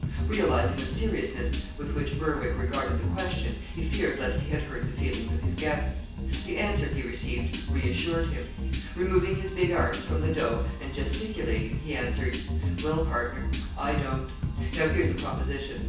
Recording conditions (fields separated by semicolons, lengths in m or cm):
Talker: one person; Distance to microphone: 9.8 m; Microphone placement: far; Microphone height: 1.8 m; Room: large; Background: music